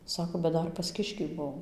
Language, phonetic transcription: Lithuanian, ˈsako bet ˈdar pas ˈkiškį ˈbuom

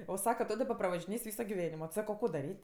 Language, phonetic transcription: Lithuanian, o ˈsaka ˈto daˈba pravažiˈnės' ˈvyso giˈvenimo ˈsako ˈko daˈryt'

